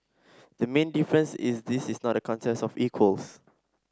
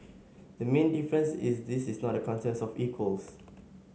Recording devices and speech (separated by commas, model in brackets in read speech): standing microphone (AKG C214), mobile phone (Samsung S8), read sentence